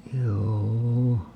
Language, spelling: Finnish, juu
- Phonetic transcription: 'juu₍"u .

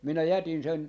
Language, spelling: Finnish, minä jätin sen
- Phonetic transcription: minä jätin sen , .

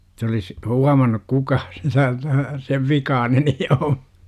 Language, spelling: Finnish, että olisi huomannut kukaan sitä että sen vikainen niin on
- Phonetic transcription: Et ‿olis , "huamannuk 'kukaas sItä ᵉttä , 'sev "vikaanen ni om§ .

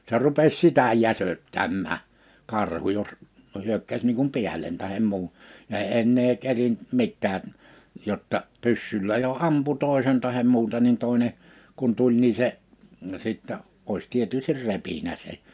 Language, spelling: Finnish, se rupesi sitä jäsöttämään karhu jos no hyökkäsi niin kuin päälle tai muun ja ei enää kerinnyt mitään jotta pyssyllä jo ampui toisen tai muuta niin toinen kun tuli niin se sitten olisi tietysti repinyt sen
- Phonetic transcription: 'se rupes 'sitä 'jäsöttämmää , 'karhu jos , no 'hyökkäs niiŋ kum "piäl̀en tahem 'muun , ja (ei) 'ennee 'kerint 'mittää , 'jotta , 'pyssyllä jo 'ampu 'tòesen tahem 'muuta nin 'tòḙne , kun 'tuĺ nii se , 'sittä , òis 'tietystir "repinä 'se .

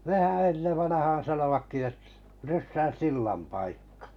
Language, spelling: Finnish, nehän ennen vanhaan sanoivatkin - ryssän sillan paikka
- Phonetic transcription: 'nehä "ennev vanahaan̬ 'sanovakki et- , 'ryssän̬ "sillam paikkᴀ .

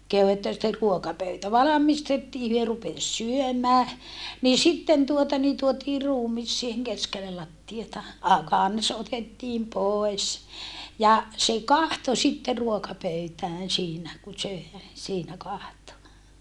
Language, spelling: Finnish, kehui että sitten ruokapöytä valmistettiin he rupesi syömään niin sitten tuota niin tuotiin ruumis siihen keskelle lattiaa - kansi otettiin pois ja se katsoi sitten ruokapöytään siinä kun söi siinä katsoi
- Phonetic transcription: kehu että sitter ruokapöytä valamistettii hyö rupes syömää , nii sitten tuota ni tuotii ruumis siiheŋ keskellel lattiata , a - kans otettiim poes , ja , se kahto sitte ruokapöytään siinä , ku sö̀e , siinä kahto .

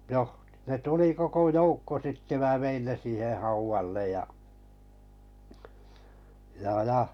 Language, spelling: Finnish, no ne tuli koko joukko sitten minä vein ne siihen haudalle ja ja ja
- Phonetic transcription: noh , ne 'tuli 'koko "joukko sitte mää 'vein 'ne siiheh 'hauvallej ja , ja 'ja .

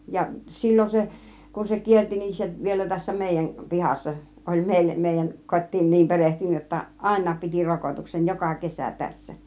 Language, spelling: Finnish, ja silloin se kun se kiersi niin se vielä tässä meidän pihassa oli - meidän kotiin niin perehtynyt jotta ainakin piti rokotuksen joka kesä tässä
- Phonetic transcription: ja 'sillon 'se , kun se "kierti nin 'se , 'vielä tässä "mèijän , "pihassa , 'oĺ 'mèille- , 'mèijäŋ "kot́̆tiin 'niim "perehtynyj jotta , "àin̆naap piti 'rokotuksen , "joka "kesä̀ 'tässä .

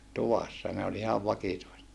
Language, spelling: Finnish, tuvassa ne oli oli ihan vakituiset
- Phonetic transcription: tuvassa , ne oĺ oĺ ihav vakituiset .

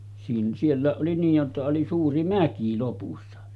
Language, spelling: Finnish, - sielläkin oli niin jotta oli suuri mäki lopussa
- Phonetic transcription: siin- 'siellä̀eˀ ˀoli niij jotta oli 'suuri "mäki lopussa .

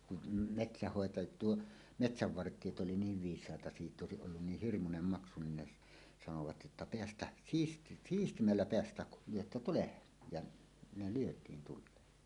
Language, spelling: Finnish, kun metsänhoitaja tuo metsävartijat oli niin viisaita sitten olisi ollut niin hirmuinen maksu niin ne - sanoivat jotta päästään - siistimmällä päästään kun lyötte tuleen ja ne lyötiin tuleen
- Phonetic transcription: kun , "metsähhòeta- , tuo , "metsäv'vart̀iet ’oli 'niiv viis̀àeta 'sitᵗ ‿òesiˀ ˀollun 'niih "hirmunem 'maksu nin ne s- , sanovat jotta » 'peästäh , 'siis- "siistimmällä 'peästäh kul "lyötta 'tulehen « , ja , ne lyöt̀iin tul̆leen .

